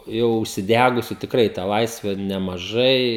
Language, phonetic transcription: Lithuanian, ˈjau užsiˈdegusiu tikˈrai tą ˈlaisve nemaˈžai

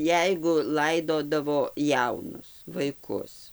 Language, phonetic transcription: Lithuanian, ˈjeigu ˈlaidodavo ˈjaunus vaiˈkus

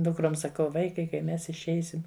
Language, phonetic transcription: Lithuanian, ˈdukrom saˈkau ˈvaikai kai ˈmes išˈeisim

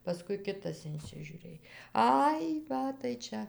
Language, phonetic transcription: Lithuanian, paˈskui ˈkitas insižiuˈrėj ˈai ˈva tai ˈčia

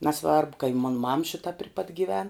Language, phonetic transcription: Lithuanian, naˈsvarbu ka i mon mam ˈšita pri pat gyˈven

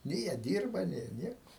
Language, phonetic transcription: Lithuanian, nė jie ˈdyrba ˈnė jie ˈnieku

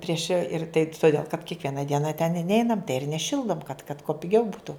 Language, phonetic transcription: Lithuanian, ˈprieš ir tai tuˈdėl kad kiekˈviena ˈdiena ten i ˈneinam ir neˈšildom kad kad kuo piˈgiau ˈbūtu

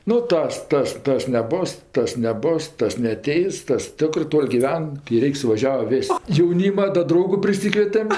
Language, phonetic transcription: Lithuanian, nu ˈtas ˈtas ˈtas neˈbos ˈtas neˈbos ˈtas neaˈteis ˈtas ˈtikrɜ ˈtol' giˈven kai ˈreik' suvaˈžiava ˈvis' jauˈnyma da ˈdraugu priˈsykvietem

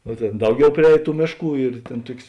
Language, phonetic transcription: Lithuanian, no ˈtėn ˈdauˌgiau priˈēj ˈtų ˈmėšˌkų ir ˈtėn ˈtuok's'

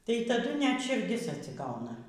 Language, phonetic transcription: Lithuanian, tai taˈdu net širˈdis atsiˈgauna

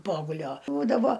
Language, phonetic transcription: Lithuanian, ˈpogulio ˈbūdavo

